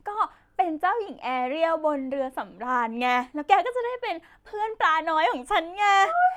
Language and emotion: Thai, happy